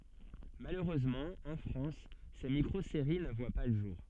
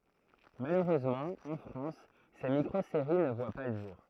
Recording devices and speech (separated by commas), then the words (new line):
soft in-ear microphone, throat microphone, read sentence
Malheureusement, en France, ces micro-séries ne voient pas le jour.